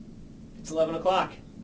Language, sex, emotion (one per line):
English
male
neutral